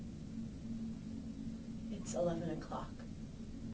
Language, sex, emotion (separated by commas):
English, female, neutral